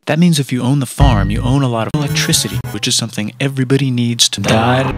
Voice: said in a slow, deep, sexy voice